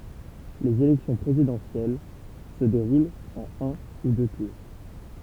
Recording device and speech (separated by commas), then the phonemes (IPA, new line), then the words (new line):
temple vibration pickup, read sentence
lez elɛksjɔ̃ pʁezidɑ̃sjɛl sə deʁult ɑ̃n œ̃ u dø tuʁ
Les élections présidentielles se déroulent en un ou deux tours.